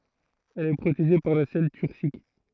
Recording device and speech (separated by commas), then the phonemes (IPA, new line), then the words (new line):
throat microphone, read sentence
ɛl ɛ pʁoteʒe paʁ la sɛl tyʁsik
Elle est protégée par la selle turcique.